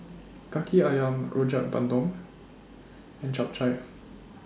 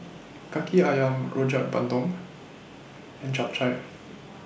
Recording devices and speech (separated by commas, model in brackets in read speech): standing microphone (AKG C214), boundary microphone (BM630), read sentence